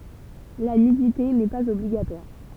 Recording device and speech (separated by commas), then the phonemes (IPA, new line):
temple vibration pickup, read sentence
la nydite nɛ paz ɔbliɡatwaʁ